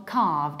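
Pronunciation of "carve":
This is a mispronunciation of 'curve'. The ur sound is said as an ar sound, so the word sounds like 'carve'.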